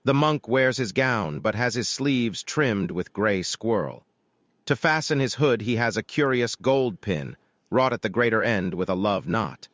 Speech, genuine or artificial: artificial